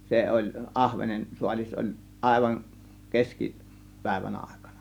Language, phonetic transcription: Finnish, 'se oĺ , 'ˀahvenen 'suaĺis oĺ , 'ˀàėvan , "keski , "pä̀ėvän "àėkANA .
- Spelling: se oli ahvenen saalis oli aivan - keskipäivän aikana

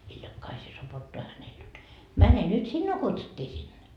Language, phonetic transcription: Finnish, 'hiljak'kaisee sopottoa hänel jot » 'mäne nyt "sinnuu 'kutsuttii sinne » .
- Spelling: hiljakaiseen sopottaa hänelle jotta mene nyt sinua kutsuttiin sinne

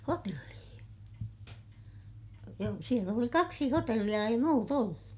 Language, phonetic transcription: Finnish, hotellii(hi) , joo , siel ‿oli kaksi hotelliʲa - ei muut ‿ollu .
- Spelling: hotelleihin joo siellä oli kaksi hotellia ei muuta ollut

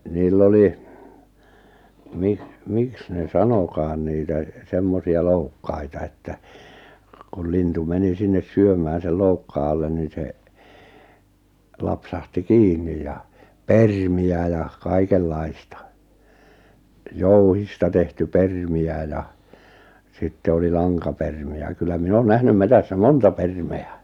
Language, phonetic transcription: Finnish, niil'l ‿oli , 'miks , 'miks ne "sanokaan 'niitä , 'semmosi₍a 'loukkaita että , kul 'lintu 'meni 'sinnes "syömää sel 'loukkaa allen nin̬ se , 'lapsahti "kiinnij ja , "permi₍ä ja , 'kaikel'laista , 'jouhista tehty 'permi₍ä ja , 'sitte oli "laŋkapermi₍ä kyllä 'min ‿on 'nähnym 'metässä "monta "perme₍ä .
- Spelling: niillä oli miksi miksi ne sanotaan niitä semmoisia loukkaita että kun lintu meni sinne syömään sen loukkaan alle niin se lapsahti kiinni ja permejä ja kaikenlaista jouhista tehty permejä ja sitten oli lankapermejä kyllä minä on nähnyt metsässä monta permiä

